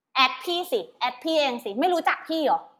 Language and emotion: Thai, angry